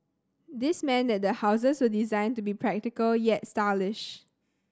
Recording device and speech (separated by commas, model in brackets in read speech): standing microphone (AKG C214), read sentence